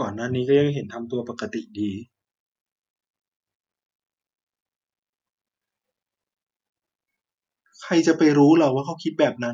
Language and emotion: Thai, sad